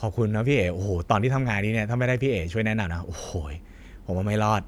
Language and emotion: Thai, happy